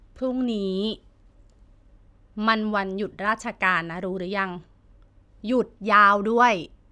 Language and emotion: Thai, frustrated